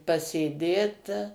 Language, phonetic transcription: Lithuanian, pasėˈdėt

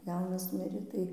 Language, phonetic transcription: Lithuanian, ˈjaunas ˈmirė tai

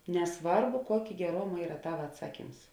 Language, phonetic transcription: Lithuanian, neˈsvarbu ˈkuokė geˈroma ˈyra ˈtava atˈsaˌkyms

